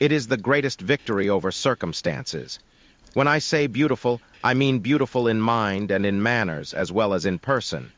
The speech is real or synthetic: synthetic